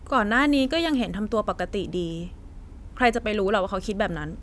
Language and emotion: Thai, frustrated